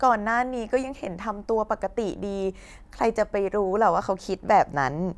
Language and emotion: Thai, neutral